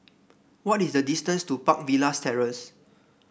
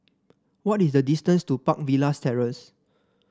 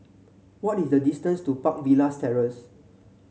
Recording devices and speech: boundary microphone (BM630), standing microphone (AKG C214), mobile phone (Samsung C7), read sentence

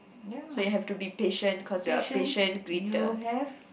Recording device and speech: boundary microphone, conversation in the same room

